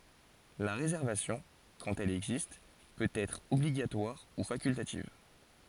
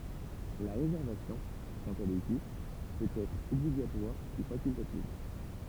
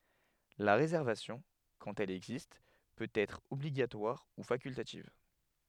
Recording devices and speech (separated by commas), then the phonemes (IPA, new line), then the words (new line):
forehead accelerometer, temple vibration pickup, headset microphone, read sentence
la ʁezɛʁvasjɔ̃ kɑ̃t ɛl ɛɡzist pøt ɛtʁ ɔbliɡatwaʁ u fakyltativ
La réservation, quand elle existe, peut être obligatoire ou facultative.